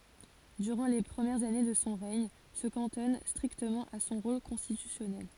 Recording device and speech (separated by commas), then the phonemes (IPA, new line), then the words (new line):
forehead accelerometer, read sentence
dyʁɑ̃ le pʁəmjɛʁz ane də sɔ̃ ʁɛɲ sə kɑ̃tɔn stʁiktəmɑ̃ a sɔ̃ ʁol kɔ̃stitysjɔnɛl
Durant les premières années de son règne, se cantonne strictement à son rôle constitutionnel.